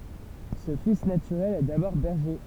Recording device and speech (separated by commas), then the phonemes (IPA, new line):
temple vibration pickup, read sentence
sə fis natyʁɛl ɛ dabɔʁ bɛʁʒe